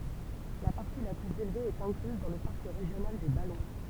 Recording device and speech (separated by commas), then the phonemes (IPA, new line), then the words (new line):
temple vibration pickup, read sentence
la paʁti la plyz elve ɛt ɛ̃klyz dɑ̃ lə paʁk ʁeʒjonal de balɔ̃
La partie la plus élevée est incluse dans le parc régional des Ballons.